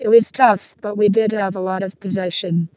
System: VC, vocoder